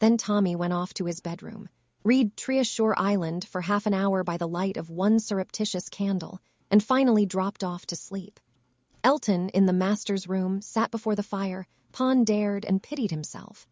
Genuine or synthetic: synthetic